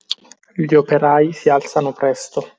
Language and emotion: Italian, neutral